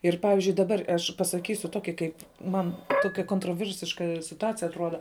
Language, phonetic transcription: Lithuanian, ir ˈpavizdžiui daˈbar aš pasaˈkysiu ˈtoki kaip ˈman ˈtokia kontroˈvirsiška situˈacija atˈruoda

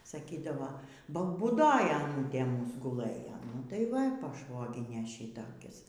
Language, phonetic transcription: Lithuanian, saˈkydavo ba būˈdoj aˈnūtė ˈmūs guˈlɘjo nu tai ˈva paˈšvoginė ˈšitokis

